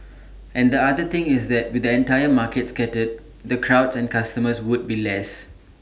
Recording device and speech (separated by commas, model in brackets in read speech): standing microphone (AKG C214), read sentence